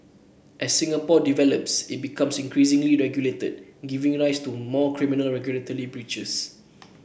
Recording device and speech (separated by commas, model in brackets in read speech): boundary microphone (BM630), read sentence